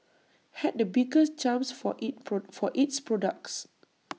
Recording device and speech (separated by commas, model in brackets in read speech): mobile phone (iPhone 6), read sentence